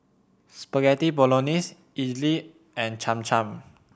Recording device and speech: boundary microphone (BM630), read sentence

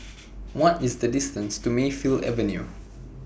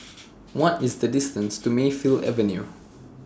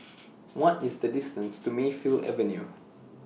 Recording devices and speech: boundary microphone (BM630), standing microphone (AKG C214), mobile phone (iPhone 6), read sentence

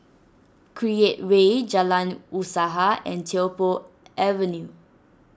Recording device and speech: standing microphone (AKG C214), read sentence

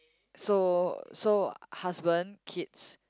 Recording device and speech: close-talking microphone, conversation in the same room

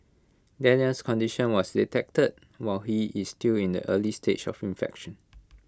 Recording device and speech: close-talking microphone (WH20), read sentence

